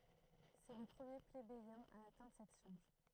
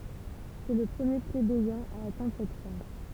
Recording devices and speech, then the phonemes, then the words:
throat microphone, temple vibration pickup, read sentence
sɛ lə pʁəmje plebejɛ̃ a atɛ̃dʁ sɛt ʃaʁʒ
C'est le premier plébéien à atteindre cette charge.

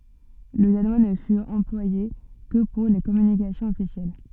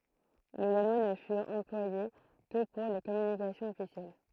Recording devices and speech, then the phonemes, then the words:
soft in-ear microphone, throat microphone, read sentence
lə danwa nə fyt ɑ̃plwaje kə puʁ le kɔmynikasjɔ̃z ɔfisjɛl
Le danois ne fut employé que pour les communications officielles.

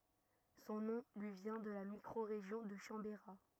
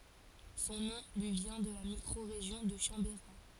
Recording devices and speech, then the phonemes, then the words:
rigid in-ear microphone, forehead accelerometer, read sentence
sɔ̃ nɔ̃ lyi vjɛ̃ də la mikʁoʁeʒjɔ̃ də ʃɑ̃beʁa
Son nom lui vient de la micro-région de Chambérat.

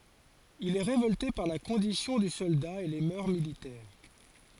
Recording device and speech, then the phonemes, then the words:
forehead accelerometer, read sentence
il ɛ ʁevɔlte paʁ la kɔ̃disjɔ̃ dy sɔlda e le mœʁ militɛʁ
Il est révolté par la condition du soldat et les mœurs militaires.

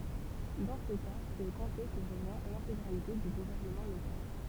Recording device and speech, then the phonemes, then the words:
temple vibration pickup, read sentence
dɑ̃ sə ka sɛt o kɔ̃te kə ʁəvjɛ̃ lɛ̃teɡʁalite dy ɡuvɛʁnəmɑ̃ lokal
Dans ce cas, c'est au comté que revient l'intégralité du gouvernement local.

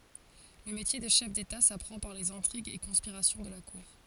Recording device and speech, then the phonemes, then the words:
forehead accelerometer, read sentence
lə metje də ʃɛf deta sapʁɑ̃ paʁ lez ɛ̃tʁiɡz e kɔ̃spiʁasjɔ̃ də la kuʁ
Le métier de chef d'État s'apprend par les intrigues et conspirations de la cour.

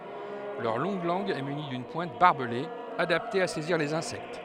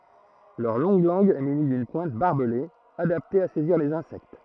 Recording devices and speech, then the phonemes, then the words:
headset microphone, throat microphone, read sentence
lœʁ lɔ̃ɡ lɑ̃ɡ ɛ myni dyn pwɛ̃t baʁbəle adapte a sɛziʁ lez ɛ̃sɛkt
Leur longue langue est munie d'une pointe barbelée, adaptée à saisir les insectes.

